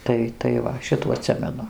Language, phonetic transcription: Lithuanian, ˈtai tai ˈva ˈšitų aˈtsimenu

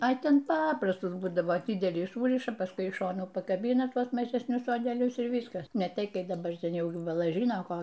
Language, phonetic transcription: Lithuanian, a ˈten ˈpaprastus ˈbūdavo ˈdidelį ˈsūriša paˈskui iš ˈšonų pakaˈbyna ˈtuos mažesˈnius sodeˈlius ir ˈvyskas ne ˈtei ˈkai daˈbar ˈten ˈjau ˈjų baˈla ˈžyno ˈko

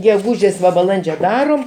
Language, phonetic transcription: Lithuanian, geˈgūžės va baˈlandžio ˈdarom

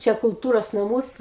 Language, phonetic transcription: Lithuanian, ˈčia kulˈtūros naˈmuos

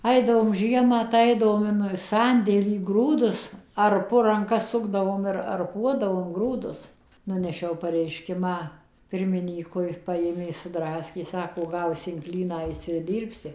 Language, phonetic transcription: Lithuanian, ˈaidavom ˈžiemą tai ˈaidavom in ˈsandėlį ˈgrūdus arˈpu ranˈka ˈsukdavom ir arˈpuodavom ˈgrūdus ˈnunešiau pareiˈškimą ˈpirmynykui ˈpajėmė suˈdraskė ˈsako ˈgausi in klyną ˈaisi ir ˈdyrbsi

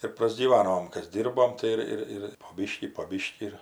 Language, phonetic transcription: Lithuanian, ir prasgyˈvanom ˈkas ˈdyrbom tai ˈir ˈir ir po ˈbyškį po ˈbyškį ir

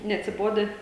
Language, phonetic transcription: Lithuanian, neatsiˈbodę

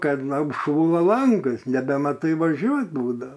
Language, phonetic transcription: Lithuanian, ˈkad apˈšųla ˈlangas nebemaˈtai vaˈžiuot ˈbūdao

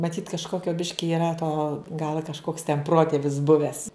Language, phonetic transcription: Lithuanian, maˈtyt kažˈkokio ˈbiški yˈra to gal a kažˈkoks ten ˈprotėvis ˈbuvęs

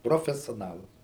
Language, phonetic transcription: Lithuanian, profesioˈnalas

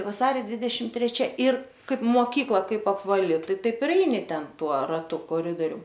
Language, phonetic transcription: Lithuanian, vaˈsario ˈdvidešim treˈčia ir ˈkaip moˈkykla ˈkaip apvaˈli ˈtai ˈtaip ir ˈeini ˈten ˈtuo raˈtu koˈridorium

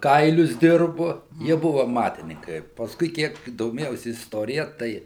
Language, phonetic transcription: Lithuanian, ˈkailius ˈdirbu ˈjie ˈbuvu aˈmatininkai pasˈkui ˈkiek doˈmėjausi isˈtorija ˈtai

